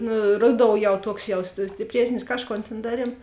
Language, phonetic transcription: Lithuanian, nu ˈruˌdou jau ˈtuoks jaus stipˈriesnis ˈkažˌkon tėn ˈdaˌriem

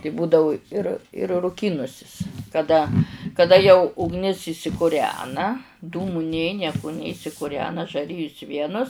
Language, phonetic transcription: Lithuanian, tai ˈbūdavu ir ir ruˈkynusis kaˈda kaˈda jau ugˈnis išsikuˈrena ˈdūmu ˈnė ˈnieku ˈnė išsikuˈrena žaˈrijus ˈvienus

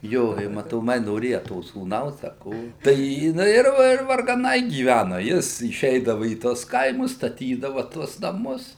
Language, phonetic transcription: Lithuanian, ˈjo i matoˈmai noˈrėja to sūˈnaus a ˈko tai jiˈnai ir ir vargaˈnai gyˈvænu ˈjis iˈšeidava į ˈtuos ˈkaimus staˈtydava ˈtuos naˈmus

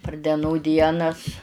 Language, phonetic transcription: Lithuanian, par deˈnų ˈdienas

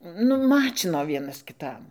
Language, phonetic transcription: Lithuanian, ˈnu ˈmačino ˈvienas kiˈtam

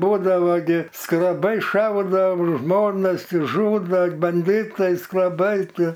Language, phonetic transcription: Lithuanian, ˈbūdava gi skreˈbai ˈšaudo ˈžmonas ˈti žˈūdo banˈdytai skreˈbai ˈtie

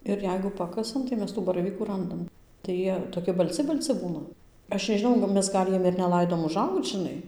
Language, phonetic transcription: Lithuanian, ir ˈjeigu ˈpakasam tai ˈmes ˈtų baraˈvykų ˈrandam tai ˈjie toˈki balˈci balˈci ˈbūna ˈaš nežiˈnau nu ˈmes ˈgal' ˈjiem ir neˈlaidom uˈžaugc žiˈnai

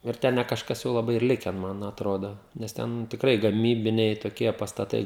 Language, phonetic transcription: Lithuanian, ir ˈten ne kažˈkas jau laˈbai ir ˈliken ˈman atˈrodo nes ˈten tikˈrai gaˈmybiniai toˈkie pastaˈtai

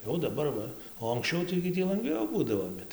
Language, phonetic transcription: Lithuanian, ˈjau daˈbar ˈva o anksˈčiau tai gi ˈtį lanˈgviau ˈbūdavo ˈbet

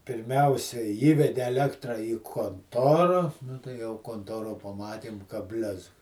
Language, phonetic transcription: Lithuanian, pirˈmiausia ˈįvede eˈlektra į konˈtora nu tai jau konˈtoro paˈmatėm ka ˈblezg

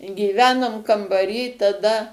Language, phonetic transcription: Lithuanian, gyˈvenom kambaˈry taˈda

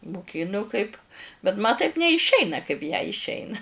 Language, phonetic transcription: Lithuanian, muˈkinu kaip bet ma taip neišˈeina kaip jai išˈeina

